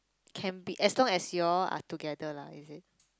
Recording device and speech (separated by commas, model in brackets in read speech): close-talking microphone, conversation in the same room